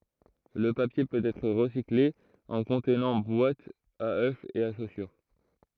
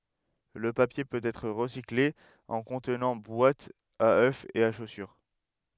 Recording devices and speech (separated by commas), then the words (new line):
throat microphone, headset microphone, read sentence
Le papier peut être recyclé en contenants: boîtes à œufs et à chaussures.